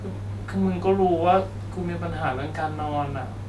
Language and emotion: Thai, sad